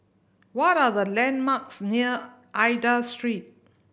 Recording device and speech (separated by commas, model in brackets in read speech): boundary microphone (BM630), read sentence